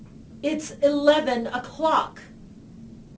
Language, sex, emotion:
English, female, angry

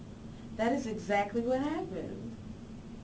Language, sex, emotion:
English, female, happy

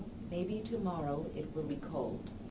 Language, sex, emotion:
English, female, neutral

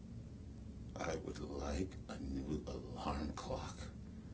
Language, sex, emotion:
English, male, neutral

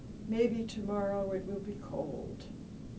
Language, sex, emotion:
English, female, sad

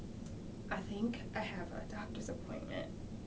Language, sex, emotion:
English, female, neutral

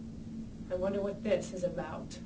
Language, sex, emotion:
English, female, disgusted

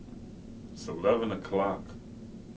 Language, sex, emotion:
English, male, neutral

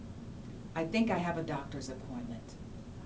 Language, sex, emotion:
English, female, neutral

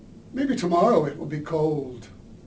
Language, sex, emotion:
English, male, neutral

